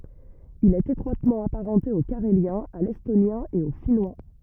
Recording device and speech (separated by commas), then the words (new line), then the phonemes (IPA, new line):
rigid in-ear microphone, read sentence
Il est étroitement apparenté au carélien, à l'estonien et au finnois.
il ɛt etʁwatmɑ̃ apaʁɑ̃te o kaʁeljɛ̃ a lɛstonjɛ̃ e o finwa